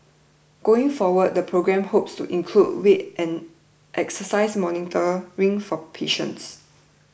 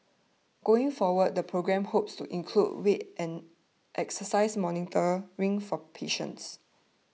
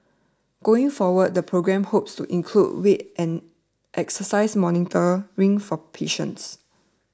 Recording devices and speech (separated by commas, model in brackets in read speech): boundary microphone (BM630), mobile phone (iPhone 6), standing microphone (AKG C214), read sentence